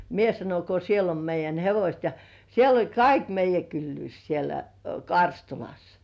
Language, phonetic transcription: Finnish, ᴋ mie sanon ko 'siel ‿om meij̆jän "hevośt ja , siel ‿oĺ "kaik meij̆jä 'kyllyys sielä , "Karstulas .
- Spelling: - minä sanoin kun siellä on meidän hevoset ja siellä oli kaikki meidän kylyys siellä Karstulassa

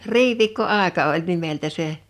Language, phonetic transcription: Finnish, riviikko'àeka oĺ 'nimeltä 'se ,.
- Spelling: riviikkoaika oli nimeltä se

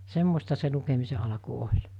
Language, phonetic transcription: Finnish, 'semmosta se 'lukemise alᵃku 'oĺ .
- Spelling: semmoista se lukemisen alku oli

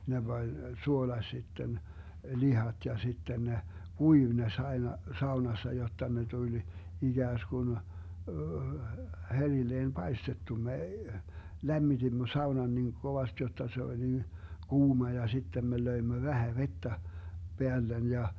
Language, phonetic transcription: Finnish, 'ne Bań , 'suolaś sitten , "lihat ja 'sitten ne , "kuiv ne s - 'ai̮na , 'saunassa jotta ne 'tuĺ , 'iGääskun , 'herilleen ?'melkein', vrt. herin - me , 'lämmitimmö 'saunan niŋ 'kovast jotta se 'oĺ nin , 'kuuma ja 'sittem me 'löimmö 'vähä 'vettä , 'peällen ja ,.
- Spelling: ne pani suolasi sitten lihat ja sitten ne kuivui ne - aina saunassa jotta ne tuli ikään kuin herilleen paistettu me lämmitimme saunan niin kovasti jotta se oli niin kuuma ja sitten me löimme vähän vettä päälle ja

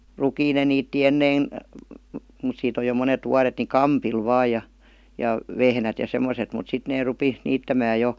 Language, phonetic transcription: Finnish, 'rukiin ne niitti 'ennein , mut siit ‿oj jo 'monet 'vuaret ni "kampil 'vaaj ja , 'ja , "vehnät ja 'sem̆moset mut 'sit nee 'rupi , 'niittämää 'jo ,.
- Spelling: rukiin ne niitti ennen mutta siitä on jo monet vuodet niin kampilla vain ja ja vehnät ja semmoiset mutta sitten ne rupesi niittämään jo

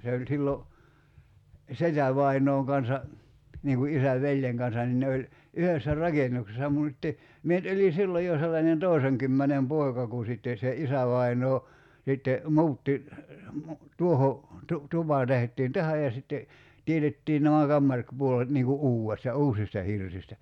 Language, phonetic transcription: Finnish, se oĺ 'sillo , "setävainooŋ kansa , niiŋ ku '’isäv "veĺjeŋ kansan nin 'ne oĺ , 'yhessä "raken̆nuksesa mùt [sit]te , 'mie nyt oĺi 'silloj jo 'sellanen "tòi̬seŋkymmänem 'poi̬ka ku sitten̬ se "isävainoo , sitte , "mu̬utti , mu- , 'tuoho , tu- , 'tupa tehᵉt̆tiin "tähäj ja sitte , 'tietettii nämä 'kammar- , '-puolet niiŋ ku "’uu₍esta , "uusista 'hirsistä .
- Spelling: se oli silloin setävainaan kanssa niin kuin isän veljen kanssa niin ne oli yhdessä rakennuksessa mutta sitten minä nyt olin silloin jo sellainen toisenkymmenen poika kun sitten se isävainaa sitten muutti - tuohon - tupa tehtiin tähän ja sitten teetettiin nämä - kamaripuolet niin kuin uudesta uusista hirsistä

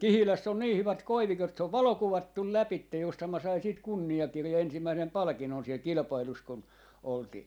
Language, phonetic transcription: Finnish, "Kihiläss ‿on 'nii hyvät "koivikot , se ov "valokuvattul 'läpitte , justham mä sain siit , kunni₍akirjan 'ensimmäisem 'palᵃkin̆non siel 'kilⁱpailus kun , oltii .
- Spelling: Kihilässä on niin hyvät koivikot se on valokuvattu lävitse juurihan minä sain siitä kunniakirjan ensimmäisen palkinnon siellä kilpailussa kun oltiin

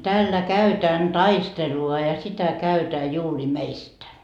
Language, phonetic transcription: Finnish, » täällä 'käytään 'taistelu₍a ja ja sitä 'käytää juuri "meistä .
- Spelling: täällä käydään taistelua ja ja sitä käydään juuri meistä

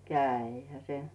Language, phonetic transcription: Finnish, 'kä̀ihä "se .
- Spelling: kävihän se

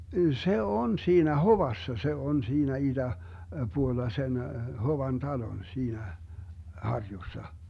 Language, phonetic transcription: Finnish, 'se "on 'siinä "Hovassa , 'se "on 'siinä 'iDä- , 'puolla sen , 'Hovan "talon 'siinä , 'harjussa .
- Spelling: se on siinä Hovassa se on siinä - itäpuolella sen Hovan talon siinä harjussa

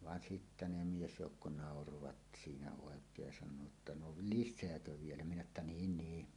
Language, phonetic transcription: Finnish, van "sittä 'ne 'miesjoukko 'nàorovat siinä òek̀eej ja san̆noo ‿tta » no "lišseäkö 'vielä « minä että » "niin 'nii « .
- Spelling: vaan sitten ne miesjoukko nauroivat siinä oikein ja sanoivat että no lisääkö vielä minä että niin niin

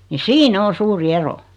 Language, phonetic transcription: Finnish, ni 'siin(ä) 'o "suuri "ero .
- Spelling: niin siinä on suuri ero

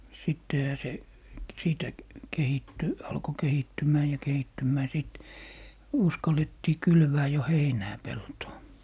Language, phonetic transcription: Finnish, 'sittehä se , 'siitä , 'kehitty , 'alko "kehittym̀ää ja "kehittymmää 'sìt , 'uskalettii 'kylvää jo "heinää 'peltoo .
- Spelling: sittenhän se siitä kehittyi alkoi kehittymään ja kehittymään sitten uskallettiin kylvää jo heinää peltoon

